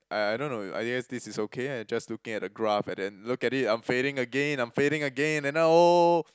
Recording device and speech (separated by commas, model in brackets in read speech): close-talking microphone, conversation in the same room